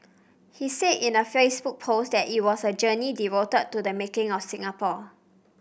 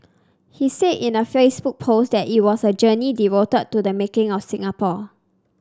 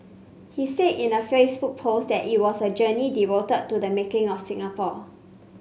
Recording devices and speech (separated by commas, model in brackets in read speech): boundary microphone (BM630), standing microphone (AKG C214), mobile phone (Samsung C5), read sentence